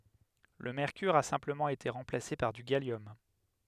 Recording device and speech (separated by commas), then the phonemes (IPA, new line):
headset microphone, read sentence
lə mɛʁkyʁ a sɛ̃pləmɑ̃ ete ʁɑ̃plase paʁ dy ɡaljɔm